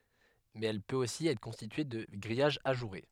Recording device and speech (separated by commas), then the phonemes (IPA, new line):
headset microphone, read sentence
mɛz ɛl pøt osi ɛtʁ kɔ̃stitye də ɡʁijaʒ aʒuʁe